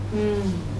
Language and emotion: Thai, neutral